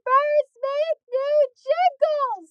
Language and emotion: English, fearful